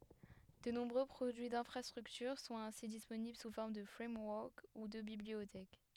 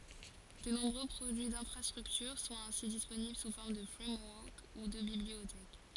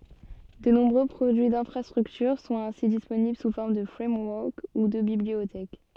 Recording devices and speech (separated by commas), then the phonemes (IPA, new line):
headset microphone, forehead accelerometer, soft in-ear microphone, read sentence
də nɔ̃bʁø pʁodyi dɛ̃fʁastʁyktyʁ sɔ̃t ɛ̃si disponibl su fɔʁm də fʁɛmwɔʁk u də bibliotɛk